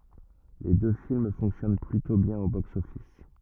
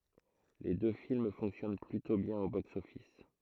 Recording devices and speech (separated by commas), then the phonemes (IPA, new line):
rigid in-ear microphone, throat microphone, read sentence
le dø film fɔ̃ksjɔn plytɔ̃ bjɛ̃n o boksɔfis